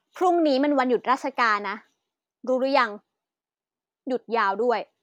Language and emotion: Thai, angry